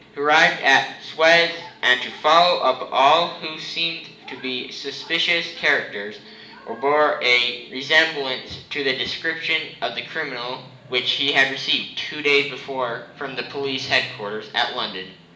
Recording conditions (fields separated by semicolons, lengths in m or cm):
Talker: one person; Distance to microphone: 1.8 m; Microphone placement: close; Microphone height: 1.0 m; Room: large; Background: television